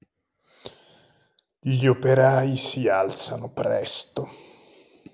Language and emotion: Italian, disgusted